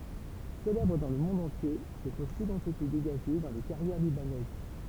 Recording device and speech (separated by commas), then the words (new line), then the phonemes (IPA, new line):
temple vibration pickup, read sentence
Célèbres dans le monde entier, ces fossiles ont été dégagés dans les carrières libanaises.
selɛbʁ dɑ̃ lə mɔ̃d ɑ̃tje se fɔsilz ɔ̃t ete deɡaʒe dɑ̃ le kaʁjɛʁ libanɛz